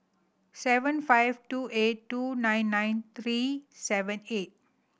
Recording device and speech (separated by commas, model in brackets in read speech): boundary microphone (BM630), read sentence